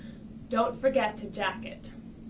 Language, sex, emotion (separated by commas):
English, female, neutral